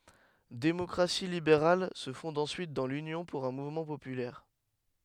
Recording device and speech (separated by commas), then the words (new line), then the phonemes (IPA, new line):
headset microphone, read sentence
Démocratie libérale se fonde ensuite dans l'Union pour un mouvement populaire.
demɔkʁasi libeʁal sə fɔ̃d ɑ̃syit dɑ̃ lynjɔ̃ puʁ œ̃ muvmɑ̃ popylɛʁ